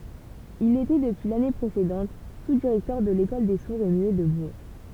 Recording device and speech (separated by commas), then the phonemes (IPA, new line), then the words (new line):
temple vibration pickup, read sentence
il etɛ dəpyi lane pʁesedɑ̃t suzdiʁɛktœʁ də lekɔl de suʁz e myɛ də buʁ
Il était depuis l'année précédente sous-directeur de l'école des sourds et muets de Bourg.